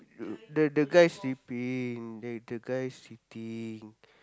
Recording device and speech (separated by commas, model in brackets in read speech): close-talking microphone, conversation in the same room